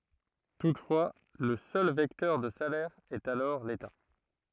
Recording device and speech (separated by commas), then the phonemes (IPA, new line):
throat microphone, read sentence
tutfwa lə sœl vɛktœʁ də salɛʁ ɛt alɔʁ leta